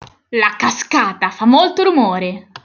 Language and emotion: Italian, angry